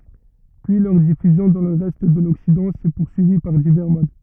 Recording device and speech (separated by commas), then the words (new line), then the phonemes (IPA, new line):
rigid in-ear microphone, read sentence
Puis leur diffusion dans le reste de l'Occident s'est poursuivie par divers modes.
pyi lœʁ difyzjɔ̃ dɑ̃ lə ʁɛst də lɔksidɑ̃ sɛ puʁsyivi paʁ divɛʁ mod